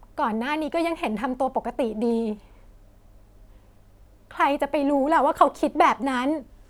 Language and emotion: Thai, sad